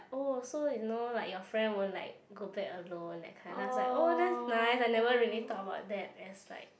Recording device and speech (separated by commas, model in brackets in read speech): boundary microphone, conversation in the same room